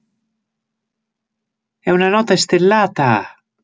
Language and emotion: Italian, happy